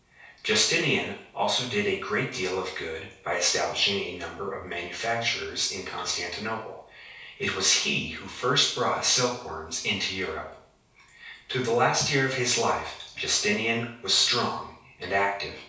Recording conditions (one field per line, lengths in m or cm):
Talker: one person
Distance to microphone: 3.0 m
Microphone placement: far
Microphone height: 1.8 m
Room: small (3.7 m by 2.7 m)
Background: none